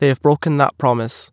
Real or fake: real